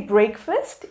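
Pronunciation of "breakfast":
'Breakfast' is pronounced incorrectly here.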